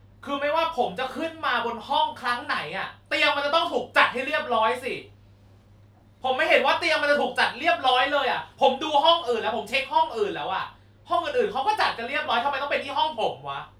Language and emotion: Thai, angry